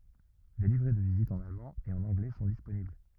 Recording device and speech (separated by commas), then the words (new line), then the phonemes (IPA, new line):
rigid in-ear microphone, read sentence
Des livrets de visite en allemand et en anglais sont disponibles.
de livʁɛ də vizit ɑ̃n almɑ̃ e ɑ̃n ɑ̃ɡlɛ sɔ̃ disponibl